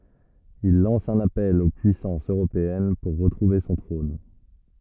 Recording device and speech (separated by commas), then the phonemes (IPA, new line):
rigid in-ear microphone, read sentence
il lɑ̃s œ̃n apɛl o pyisɑ̃sz øʁopeɛn puʁ ʁətʁuve sɔ̃ tʁɔ̃n